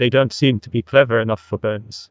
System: TTS, neural waveform model